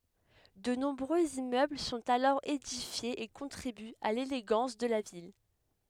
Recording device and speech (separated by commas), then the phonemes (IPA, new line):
headset microphone, read sentence
də nɔ̃bʁøz immøbl sɔ̃t alɔʁ edifjez e kɔ̃tʁibyt a leleɡɑ̃s də la vil